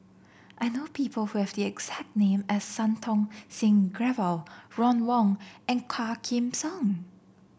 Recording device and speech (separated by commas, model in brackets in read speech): boundary microphone (BM630), read sentence